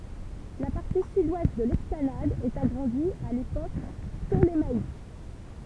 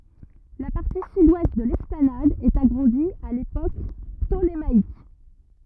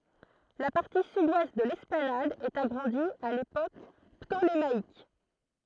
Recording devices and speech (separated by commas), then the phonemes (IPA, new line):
temple vibration pickup, rigid in-ear microphone, throat microphone, read sentence
la paʁti sydwɛst də lɛsplanad ɛt aɡʁɑ̃di a lepok ptolemaik